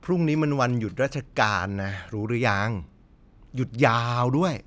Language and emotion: Thai, frustrated